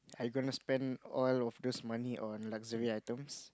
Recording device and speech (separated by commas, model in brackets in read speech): close-talking microphone, conversation in the same room